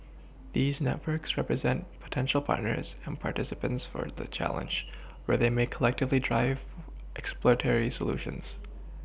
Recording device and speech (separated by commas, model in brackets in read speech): boundary microphone (BM630), read sentence